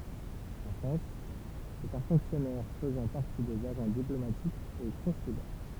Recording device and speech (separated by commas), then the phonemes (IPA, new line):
temple vibration pickup, read sentence
ɑ̃ fʁɑ̃s sɛt œ̃ fɔ̃ksjɔnɛʁ fəzɑ̃ paʁti dez aʒɑ̃ diplomatikz e kɔ̃sylɛʁ